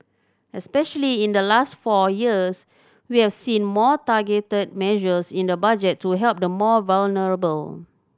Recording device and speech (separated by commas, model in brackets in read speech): standing microphone (AKG C214), read sentence